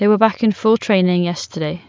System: none